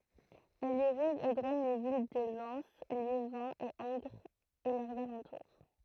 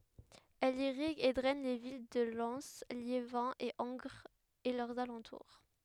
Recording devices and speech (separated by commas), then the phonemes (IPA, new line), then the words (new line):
throat microphone, headset microphone, read sentence
ɛl iʁiɡ e dʁɛn le vil də lɛn ljevɛ̃ e ɑ̃ɡʁz e lœʁz alɑ̃tuʁ
Elle irrigue et draine les villes de Lens, Liévin et Angres et leurs alentours.